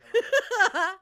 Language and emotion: Thai, happy